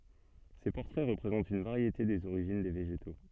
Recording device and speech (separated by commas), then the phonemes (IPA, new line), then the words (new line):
soft in-ear microphone, read sentence
se pɔʁtʁɛ ʁəpʁezɑ̃tt yn vaʁjete dez oʁiʒin de veʒeto
Ces portraits représentent une variété des origines des végétaux.